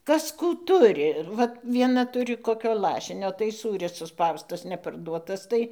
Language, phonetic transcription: Lithuanian, ˈkas ˈkų ˈturi ir vat vieˈna ˈturi koˈkio ˈlašinio tai ˈsūris suˈspaustas neparˈduotas ˈtai

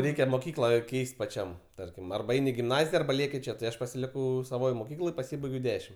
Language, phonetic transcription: Lithuanian, ˈreikia moˈkykla ˈkeis't' paˈčiam ˈtarkim arba ˈein' i gimˈnazija arba ˈlieki ˈčia tai ˈaš pasiˈlikau saˈvoj moˈkykloj paˈsybaigiau ˈdešim

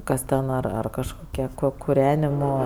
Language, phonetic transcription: Lithuanian, ˈkas ten ˈar ar kažˈkokie ko kuˈrenimo

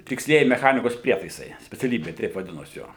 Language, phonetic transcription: Lithuanian, tiksˈlieji meˈchanikos ˈprietaisai speciaˈlybė teip vaˈdinos ˈjo

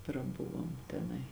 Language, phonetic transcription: Lithuanian, praˈbuvom teˈnai

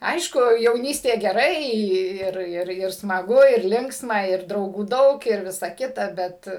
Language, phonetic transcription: Lithuanian, ˈaišku jauˈnystė geˈrai ˈir ˈir ir smaˈgu ir ˈlinksma ˈir drauˈgų ˈdaug ir ˈvisa ˈkita ˈbet

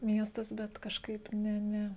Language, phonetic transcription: Lithuanian, ˈmiestas ˈbet kažˈkaip ˈne ˈne

